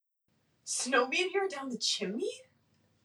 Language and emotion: English, surprised